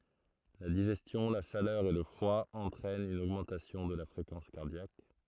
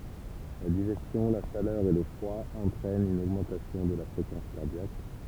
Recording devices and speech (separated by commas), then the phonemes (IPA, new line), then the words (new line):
throat microphone, temple vibration pickup, read sentence
la diʒɛstjɔ̃ la ʃalœʁ e lə fʁwa ɑ̃tʁɛnt yn oɡmɑ̃tasjɔ̃ də la fʁekɑ̃s kaʁdjak
La digestion, la chaleur et le froid entraînent une augmentation de la fréquence cardiaque.